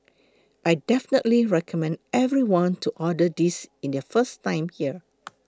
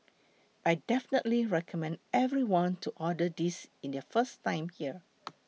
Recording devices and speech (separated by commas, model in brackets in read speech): close-talking microphone (WH20), mobile phone (iPhone 6), read sentence